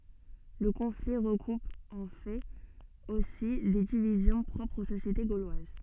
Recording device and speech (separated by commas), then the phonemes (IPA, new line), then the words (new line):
soft in-ear microphone, read sentence
lə kɔ̃fli ʁəkup ɑ̃ fɛt osi de divizjɔ̃ pʁɔpʁz o sosjete ɡolwaz
Le conflit recoupe en fait aussi des divisions propres aux sociétés gauloises.